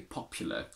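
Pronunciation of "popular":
'Popular' is said with a schwa for the u, the common modern way rather than the older, more formal one.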